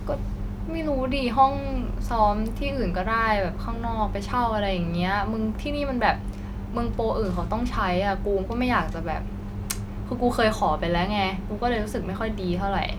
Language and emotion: Thai, frustrated